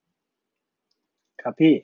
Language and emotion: Thai, neutral